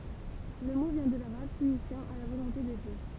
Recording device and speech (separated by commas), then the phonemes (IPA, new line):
temple vibration pickup, read sentence
lə mo vjɛ̃ də laʁab siɲifjɑ̃ a la volɔ̃te də djø